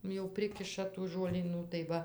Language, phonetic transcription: Lithuanian, jau ˈprikiša tų žuolyˈnų tai ˈva

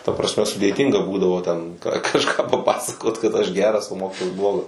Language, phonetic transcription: Lithuanian, ta prasˈme sudėˈtynga ˈbūdavo ten ka kažˈką paˈpasakot kad aš ˈgeras o ˈmokytojas ˈblogas

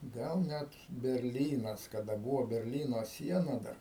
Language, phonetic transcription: Lithuanian, ˈgal ˈnet berˈlynas kaˈda ˈbūvo berˈlyno ˈsiena dar

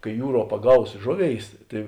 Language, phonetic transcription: Lithuanian, kai ˈjūˌruo paˈgaus ˈžoˌvėis ˈtai

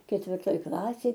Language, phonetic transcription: Lithuanian, ketvirˈtoj ˈklasėj

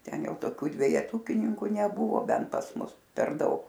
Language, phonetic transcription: Lithuanian, ˈten ˈjau toˈkių dvejeˈtukininku neˈbuvo ˈbent pas ˈmus per ˈdaug

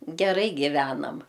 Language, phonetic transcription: Lithuanian, geˈrai giˈvenam

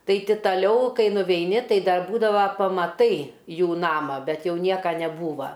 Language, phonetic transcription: Lithuanian, ˈtai ˈti taˈliau ˈkai nuveiˈni ˈtai ˈdar ˈbūdava pamaˈtai ˈjų ˈnamą ˈbet ˈjau ˈnieka neˈbūva

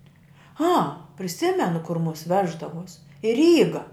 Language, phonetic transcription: Lithuanian, a priˈsimenu kur mus ˈveždavuos i ˈryga

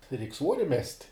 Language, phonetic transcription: Lithuanian, reik' ˈsvuori mest'

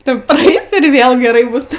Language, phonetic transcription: Lithuanian, ˈtu praˈeis ir ˈvėl geˈrai ˈbus

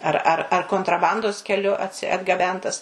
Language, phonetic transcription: Lithuanian, ˈar ˈar ar kontraˈbandos keˈliu atgaˈbentas

